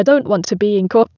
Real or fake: fake